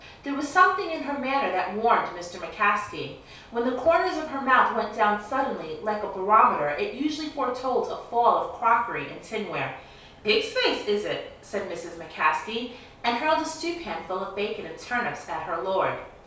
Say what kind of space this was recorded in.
A compact room.